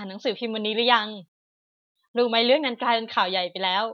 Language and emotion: Thai, neutral